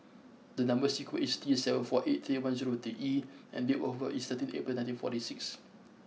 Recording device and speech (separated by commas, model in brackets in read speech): mobile phone (iPhone 6), read sentence